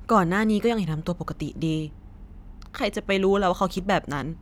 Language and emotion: Thai, sad